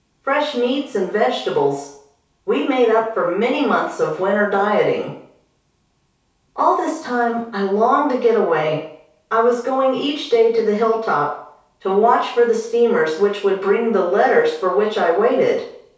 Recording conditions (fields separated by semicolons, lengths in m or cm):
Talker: one person; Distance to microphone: 3.0 m; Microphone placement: far; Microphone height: 1.8 m; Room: small (3.7 m by 2.7 m); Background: none